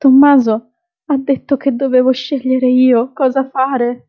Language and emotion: Italian, fearful